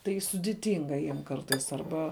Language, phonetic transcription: Lithuanian, tai sudiˈtinga ˈjiem ˈkartais arˈba

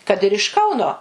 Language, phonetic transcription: Lithuanian, kad ir iš ˈkauno

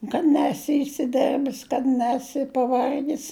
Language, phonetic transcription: Lithuanian, kad ˈnesi isiˈderbis kad ˈnesi paˈvargis

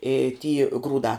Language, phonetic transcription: Lithuanian, i ty ˈgrūdā

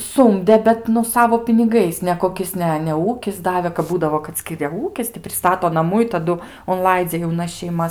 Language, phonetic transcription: Lithuanian, ˈsumde bet nu ˈsavo piniˈgais nekoˈkis ne ne ˈūkis ˈdavė kap ˈbūdavo kad ˈskiria ˈūkis ti priˈstato naˈmų i taˈdu unˈlaidzia jauˈnas šeiˈmas

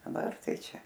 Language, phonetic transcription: Lithuanian, daˈbar ˈtai ˈčia

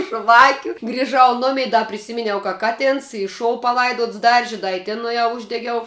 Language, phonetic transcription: Lithuanian, ˈžvakiu griˈžau ˈnumei ˈda priˈsiminiau ka ˈkatens i ˈšou paˈlaidots ˈdarži ˈda i ˈtin nuėˈjau ˈuždegiau

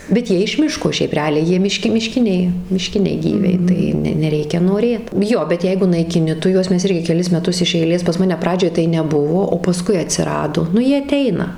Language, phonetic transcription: Lithuanian, bet ˈjie iš ˈmiško ˈšiaip reˈaliai ˈjie miˈški miˈškiniai miˈškiniai ˈgyviai tai ˈne neˈreikia noˈrėt ˈjo bet ˈjeigu naikiˈni ˈtu ˈjuos ˈmes ˈirgi keˈlis meˈtus iš eiˈlės pas ˈmane ˈpradžioj tai neˈbuvo o paˈskui atsiˈrado ˈnu ˈjie aˈteina

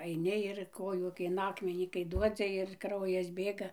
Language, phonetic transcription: Lithuanian, aiˈni ir ˈkojų kai in ˈakmenį kai ˈduodzi ir ˈkraujas ˈbėga

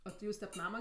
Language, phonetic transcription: Lithuanian, o ti ˈjūs tep ˈnama

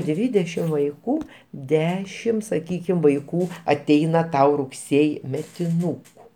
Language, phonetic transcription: Lithuanian, ˈdvydešim vaiˈkų ˈdešim saˈkykim vaiˈkų aˈteina ˈtau rugˈsėji metiˈnūku

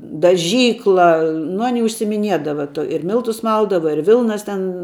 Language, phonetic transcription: Lithuanian, daˈžykla nu ˈani užsiimiˈniedava tuo ir ˈmiltus ˈmaldava ir ˈvilnas ˈten

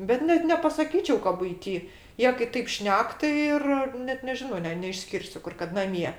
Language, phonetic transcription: Lithuanian, bet ˈnet nepasaˈkyčiau ka buiˈty ˈjie kai ˈtaip ˈšnek tai ˈir ˈnet neˈžino ˈne neišˈskirsiu ˈkur kad naˈmie

